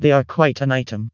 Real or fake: fake